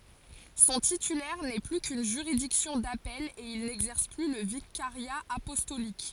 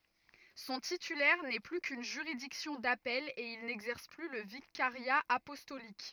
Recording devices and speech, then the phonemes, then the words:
forehead accelerometer, rigid in-ear microphone, read sentence
sɔ̃ titylɛʁ nɛ ply kyn ʒyʁidiksjɔ̃ dapɛl e il nɛɡzɛʁs ply lə vikaʁja apɔstolik
Son titulaire n'est plus qu'une juridiction d'appel, et il n'exerce plus le vicariat apostolique.

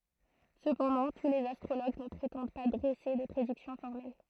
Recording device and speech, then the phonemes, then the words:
throat microphone, read sentence
səpɑ̃dɑ̃ tu lez astʁoloɡ nə pʁetɑ̃d pa dʁɛse de pʁediksjɔ̃ fɔʁmɛl
Cependant, tous les astrologues ne prétendent pas dresser des prédictions formelles.

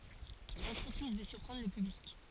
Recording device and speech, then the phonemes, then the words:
forehead accelerometer, read sentence
lɑ̃tʁəpʁiz vø syʁpʁɑ̃dʁ lə pyblik
L’entreprise veut surprendre le public.

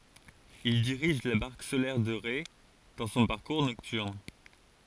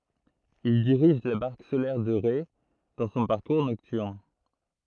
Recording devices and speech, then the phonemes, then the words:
forehead accelerometer, throat microphone, read sentence
il diʁiʒ la baʁk solɛʁ də ʁe dɑ̃ sɔ̃ paʁkuʁ nɔktyʁn
Il dirige la barque solaire de Ré dans son parcours nocturne.

